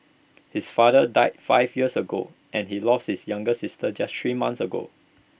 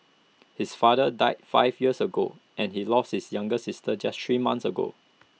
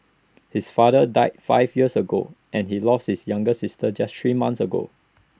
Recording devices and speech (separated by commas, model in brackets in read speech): boundary microphone (BM630), mobile phone (iPhone 6), standing microphone (AKG C214), read sentence